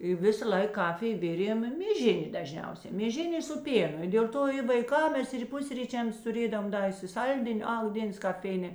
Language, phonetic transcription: Lithuanian, i ˈvisaˌlaik ˈkafij ˈvirėm mėˈžinė daˈžniausia mėˈžin' ė su ˈpėnu i dėl ˈto i vaiˈkam ˈmes ir ˈpusryčiams tuˈrėdovam ˈda isiˈsaldin' ak ˈdėns kap ˈfeinė

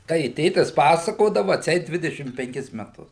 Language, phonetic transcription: Lithuanian, ˈtai i ˈtėtis ˈpasakodavu atˈseit ˈdvidešim penˈkis meˈtus

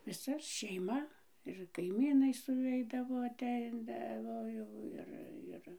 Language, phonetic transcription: Lithuanian, viˈsa šeiˈma ir kaiˈmynai suˈveidavo aˈteidavo ˈjau ˈir ˈir

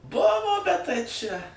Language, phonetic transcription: Lithuanian, ˈbuvo bet tai čia

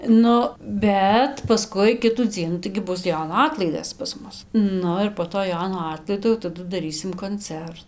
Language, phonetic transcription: Lithuanian, ˈnu ˈbet paˈskui ˈkitų ˈdzienų taigi ˈbus ˈjono ˈatlaidas pas ˈmus ˈnu ir po ˈto ˈjono ˈatlaido jau taˈdu daˈrysim konˈcer

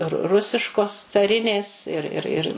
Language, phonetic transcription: Lithuanian, ru ˈrusiškos caˈrinės ir ir ˈir

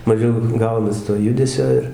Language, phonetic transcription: Lithuanian, maˈžiau ˈgaunas to ˈjudesio ir

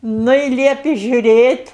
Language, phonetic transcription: Lithuanian, ˈnu i ˈliepi ˈžiuˈrėt'

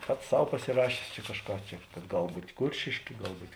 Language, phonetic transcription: Lithuanian, ˈpats ˈsau pasiˈrašės čia kažˈką ˈčia kad ˈgal ˈbūt' ˈkuršėškė ˈgal ˈbūt'

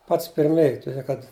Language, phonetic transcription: Lithuanian, ˈpats pirˈmėj tuˈdė kad

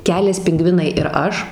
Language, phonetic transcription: Lithuanian, ˈkelias pinˈgvinai ir ˈaš

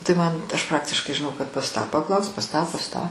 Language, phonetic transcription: Lithuanian, tai ˈman aš ˈpraktiškai žiˈnau kad pas ˈtą paˈklausk pas ˈtą pas ˈtą

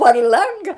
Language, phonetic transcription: Lithuanian, par ˈlanga

